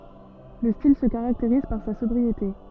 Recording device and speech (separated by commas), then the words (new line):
soft in-ear microphone, read sentence
Le style se caractérise par sa sobriété.